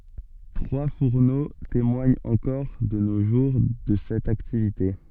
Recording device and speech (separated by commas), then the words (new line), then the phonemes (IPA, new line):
soft in-ear microphone, read sentence
Trois fourneaux témoignent encore de nos jours de cette activité.
tʁwa fuʁno temwaɲt ɑ̃kɔʁ də no ʒuʁ də sɛt aktivite